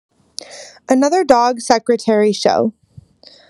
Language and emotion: English, neutral